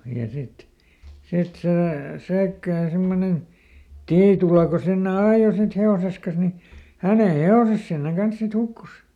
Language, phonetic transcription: Finnish, ja sit , ˈsit sè , ˈSäikkään ˈsimmonen , "Tiitula ko ˈsinne "aajo sit ˈhe₍oses kas ni , "hä̀ne "he₍oses sinneŋ ˈkans sit ˈhukkus .
- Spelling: ja sitten sitten se Säikkään semmoinen Tiitula kun sinne ajoi sitten hevosensa kas niin hänen hevosensa sinne kanssa sitten hukkui

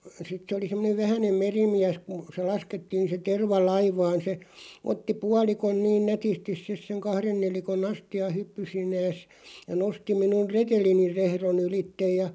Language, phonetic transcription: Finnish, 'sit se oli 'semmonev "vähänem 'merimiäs k(u) se 'laskettiin̬ se 'terva "laivaan se , 'otti 'pualikon niin "nätistiˢ 'sis seŋ "kahren 'nelikon'ⁿ ‿asti₍a 'hyppysiǹees , ja 'nosti 'minun "retelinir 'rehro'n ‿ylittej ja ,.
- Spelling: sitten se oli semmoinen vähäinen merimies kun se laskettiin se terva laivaan se otti puolikon niin nätisti sitten sen kahden nelikon astian hyppysineen ja nosti minun retelini rehdon ylitse ja

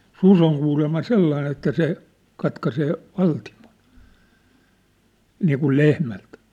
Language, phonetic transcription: Finnish, sus ‿oŋ kuulemma "sellain ‿että se , katkasee , 'valtimon , 'niikul 'lehmält .
- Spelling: susi on kuulemma sellainen että se katkaisee valtimon niin kuin lehmältä

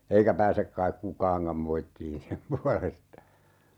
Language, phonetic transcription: Finnish, 'eikä 'pääsek kaik "kukaaŋkam 'moittiin 'sem pualesta .
- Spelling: eikä pääse kai kukaankaan moittimaan sen puolesta

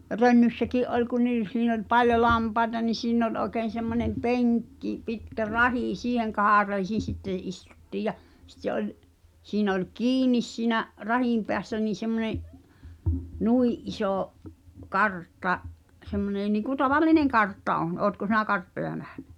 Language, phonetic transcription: Finnish, Rönnyssäkì’ '’oĺ ku niis̳ siin ‿oĺ "paljo 'lampaeta ni 'siin̳̆n̳ ‿oĺ ’oĕkeen̬ semmońem "peŋkki pitkä "rahì 'siiheŋ 'kaharreisin̬ 'sittè 'is(t)uttìj ja , sⁱtte ’oĺ , siinᵃ̈ oĺ "kiinis siinä’ , 'rahìm peässä nii semmᵒne’ , "nui’ ’isò , "kartta , semmonè niiŋku 'tavallineŋ "kartta '’on 'ootko sinä "karttoja 'nähɴᴀ̈ ?
- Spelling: Rönnyssäkin oli kun niissä siinä oli paljon lampaita niin siinä oli oikein semmoinen penkki pitkä rahi siihen kahareisin sitten istuttiin ja sitten oli siinä oli kiinni siinä rahin päässä niin semmoinen niin iso kartta semmoinen niin kuin tavallinen kartta on oletko sinä karttoja nähnyt

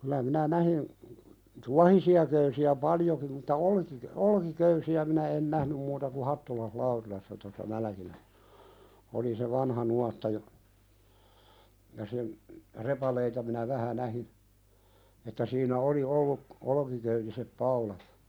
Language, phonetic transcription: Finnish, kylä minä 'nähin , "tuahisi₍a 'köysi₍ä "paljoki mutta 'olkik- , "olki'köysi₍ä minä en "nähnym muuta ku "hattulaih 'laurilassa tossa 'mälᵃ̈kilä(ssä) , oli se "vanha nuatta ja , ja sen , 'repaleita minä "vähä 'nähin , että siinä "oli 'olluk , "olᵒkiköytisep 'paulat .
- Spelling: kyllä minä näin tuohisia köysiä paljonkin mutta - olkiköysiä minä en nähnyt muuta kuin Hattulan Laurilassa tuossa Mälkilässä oli se vanha nuotta ja ja sen repaleita minä vähän näin että siinä oli ollut olkiköyden paulat

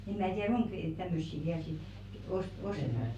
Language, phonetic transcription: Finnish, em mää 'tiäʀ "oŋk , tämmössi 'viäl sit , 'os- , "ostetak .
- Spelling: en minä tiedä onko tämmöisiä vielä sitten - ostetaanko

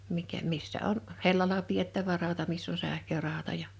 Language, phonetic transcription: Finnish, 'mikä , 'missä on , "hellala piettävä ràota 'miss ‿on 'sähköràota ja ,.
- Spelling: mikä missä on hellalla pidettävä rauta missä on sähkörauta ja

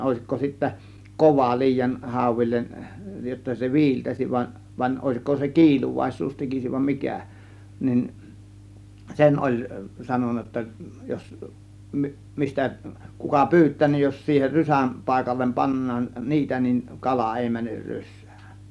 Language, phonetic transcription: Finnish, 'òėsikko sittä , "kova liijan , 'hàȯvil͕l͕en , jotta se "vi̬iltäsiv vań , van͕ 'òėsko se "kiiluvàis̆suus 'tekisiv vam 'mikä̀ nin , 'sen 'ˀoĺ , 'sanonna jotta jos , 'mistä kuka "pyyt̆tää nin , jos siiher "rysäm 'pàėkallem paǹnaan "niitä nin , 'kala 'èi 'mäner 'rys̆sÄÄN .
- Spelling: olisitko sitten kova liian hauille jotta se viiltäisi vaan vaan olisiko se kiiluvaisuus tekisi vai mikä niin sen oli sanonut jotta jos mistä kuka pyytää niin jos siihen rysän paikalle pannaan niitä niin kala ei mene rysään

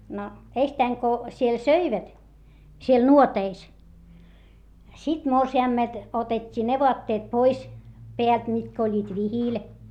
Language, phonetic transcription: Finnish, no eistäiŋ ko , siel söivät , siel nuoteis , sit morsi₍àmmelt otet́t́ii ne voatteet pois , peält mitkä oĺĺiit vihìl .
- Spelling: no ensittäin kun siellä söivät siellä nuoteissa sitten morsiamelta otettiin ne vaatteet pois päältä mitkä olivat vihillä

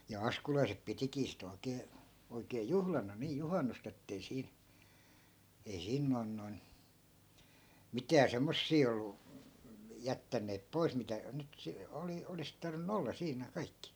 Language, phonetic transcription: Finnish, ja "askulaisep 'pitikii sit ‿oi̮kee , oikee "juhlana nii 'juhannust ‿ettei 'siin̬ , ei 'siin noi̮n noi̮n , 'mitää 'semmossii ollu , 'jättänneep 'pois mitä , nyt se- , 'oli- , 'olis tarvin̆nu 'olla 'siinä̀ 'kaikki .
- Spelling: ja askulaiset pitikin sitten oikein oikein juhlana niin juhannusta että ei siinä ei siinä noin noin mitään semmoisia ollut jättäneet pois mitä nyt - - olisi tarvinnut olla siinä kaikki

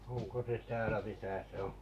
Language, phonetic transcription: Finnish, oŋko 'se 'täälä 'misä se oo̰ ?
- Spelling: onko se täällä missä se on

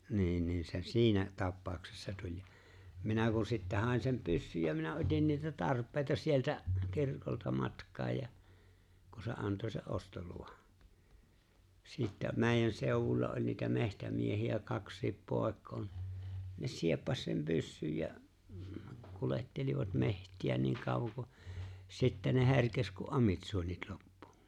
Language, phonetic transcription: Finnish, 'nii̬n ni̬ se "siinä 'tappaaᵒksessa 'tuĺ ja , 'minä kun sittä 'hài̬n sem 'pyssyj ja minä '’ot͕in niitä 'tarp̀eeⁱta sieltä , 'kirkolta 'matk̀aaj ja , ku se '’anto se’ '’ostoluvᴀ , sìttä , 'mè̬i̬jän 'sèowuĺla oĺ niitä 'mehtä'miehi₍ä 'kaks̀iip 'pòek̀ᴏᴏ ɴɪ , ne "sieppaś sem 'pyssyj ja , 'kulettelivat 'meht̀iä niiŋ 'kàuvoŋ ku , 'sittɛ ne 'he̬rkes ku "’amitsuonit 'loppᴜ .
- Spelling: niin niin se siinä tapauksessa tuli ja minä kun sitten hain sen pyssyn ja minä otin niitä tarpeita sieltä kirkolta matkaan ja kun se antoi sen ostoluvan sitten meidän seudulla oli niitä metsämiehiä kaksikin poikaa niin ne sieppasi sen pyssyn ja kuljettelivat metsiä niin kauan kun sitten ne herkesi kun amitsuonit loppui

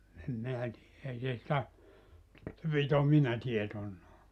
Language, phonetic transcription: Finnish, em 'minä tii[jä] 'ei se sⁱtä , se pi't ‿omina 'tietonnaa .
- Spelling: en minä tiedä ei se sitä se piti omina tietoinaan

